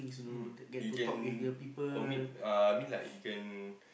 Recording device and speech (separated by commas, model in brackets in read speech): boundary microphone, conversation in the same room